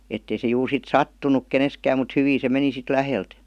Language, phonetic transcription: Finnish, ettei se juur sit "sattunuk 'keneskääm mut 'hyvii se 'meni sit "lähelt .
- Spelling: että ei se juuri sitten sattunut keneenkään mutta hyvin se meni sitten läheltä

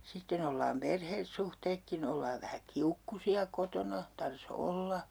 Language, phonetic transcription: Finnish, 'sitten ‿ollaam 'perhessuhteekki'n ‿ollaav vähä "kiukkusi₍a kotona , 'tar"s ‿olla .
- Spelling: sitten ollaan perhesuhteetkin ollaan vähän kiukkuisia kotona tarvitsisi olla

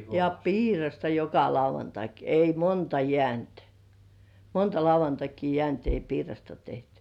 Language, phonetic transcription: Finnish, ja "piirasta joka 'lauvantak , ei "monta jĕä̀§nt , "monta 'lauvantakii jĕä̀§nt ei "piirasta 'tehtʏ .
- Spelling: ja piirasta joka lauantai ei monta jäänyt monta lauantaita jäänyt ei piirasta tehty

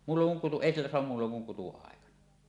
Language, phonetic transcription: Finnish, muulloŋ kuŋ kutu- "èi sillä soam 'muulloŋ kuŋ 'kutu₍àekana .
- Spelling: muulloin kun kutu ei sillä saa muulloin kun kutuaikana

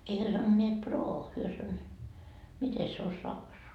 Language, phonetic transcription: Finnish, ei hyö sanoneet 'proo , hyö san- , "mite se on 'saksoa ?
- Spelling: ei he sanoneet proo he - miten se on saksaa

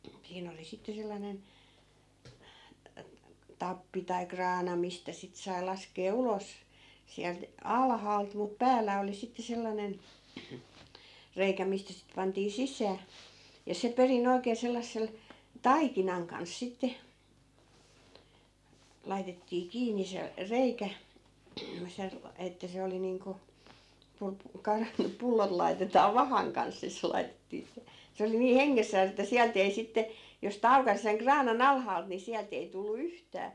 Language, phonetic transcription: Finnish, 'siin ‿oli 'sitte sellanen , 'tappi tai "kraana 'mistä sit sai̮ 'laskee 'ulos , 'siält , "alhaalt mut 'pääl̆lä oli sitte 'sellanen , 'reikä mistä sit 'pantii "sis̀ää , ja 'se 'peri'n ‿oi̮kee sellassel , "taikinaŋ kans 'sitte , 'laitettii 'kiinni se , "reikä , se- , että se 'oli niiŋku , 'pu(lp-) , 'ka(n)- , 'pullot lai̮tetaa "vahaŋ kans ni 'se lai̮tettii se , se oli nii "heŋŋessääs ‿että 'siält ‿ei sitte , jos sⁱ't ‿aukas seŋ 'kraana"n ‿alhaalt ni 'siält ‿ei tullu 'yhtää .
- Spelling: siinä oli sitten sellainen tappi tai kraana mistä sitten sai laskea ulos sieltä alhaalta mutta päällä oli sitten sellainen reikä mistä sitten pantiin sisään ja se perin oikein sellaisen taikinan kanssa sitten laitettiin kiinni se reikä - että se oli niin kuin - - pullot laitetaan vahan kanssa niin se laitettiin se se oli niin hengessään että sieltä ei sitten jos sitten aukaisi sen kraanan alhaalta niin sieltä ei tullut yhtään

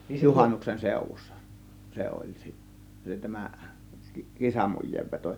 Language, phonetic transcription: Finnish, juhannuksen 'sèŭv̆vussa , 'se oĺ 'si- , 'tämä , "kisamuj̆jeevveto .
- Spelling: juhannuksen seudussa se oli - tämä kisamujeenveto

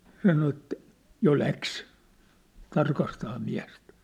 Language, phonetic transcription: Finnish, sano ĕttᴀ̈ , 'jo 'läks , 'tarkastaa miä̭stᴀ̈ .
- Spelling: sanoi että jo lähti tarkastamaan miestä

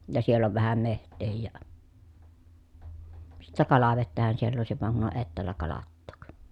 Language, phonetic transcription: Finnish, ja siell ‿ov vähäm meht̆teehij ja , sittä kalavettähän siell ‿òesiv vaŋ kun on ettäällä kalattook .
- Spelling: ja siellä on vähän metsääkin ja sitten kalavettähän siellä olisi vaan kun on etäällä kalattaa

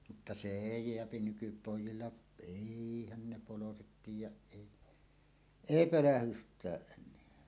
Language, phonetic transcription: Finnish, mutta se 'èi "jeäpi 'nykypòij̆jilla , "èihän 'ne "poloset tiij̆jäˀ 'ˀèi , "èi "pölähyst̀ääˀ ˀen̆neä .
- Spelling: mutta se ei jää nykypojilla eihän ne poloiset tiedä ei ei pölähdystäkään enää

